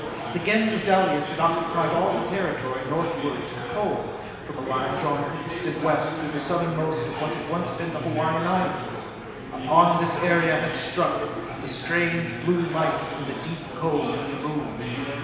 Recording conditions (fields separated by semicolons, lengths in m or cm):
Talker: one person; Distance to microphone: 1.7 m; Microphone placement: close; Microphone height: 1.0 m; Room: very reverberant, large; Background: babble